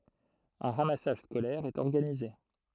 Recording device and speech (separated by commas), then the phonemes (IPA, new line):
throat microphone, read sentence
œ̃ ʁamasaʒ skolɛʁ ɛt ɔʁɡanize